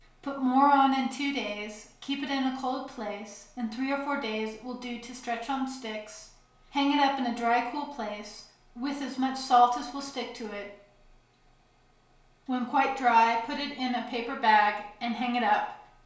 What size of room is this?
A small space (about 3.7 m by 2.7 m).